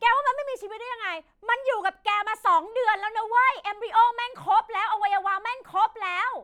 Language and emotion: Thai, angry